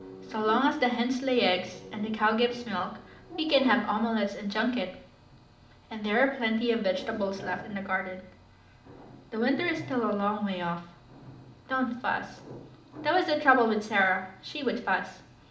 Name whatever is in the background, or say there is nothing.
A television.